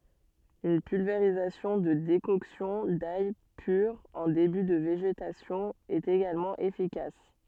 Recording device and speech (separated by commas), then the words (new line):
soft in-ear microphone, read sentence
Une pulvérisation de décoction d'ail pure en début de végétation est également efficace.